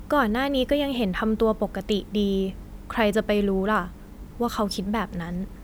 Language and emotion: Thai, neutral